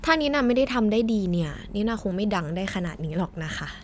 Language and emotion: Thai, frustrated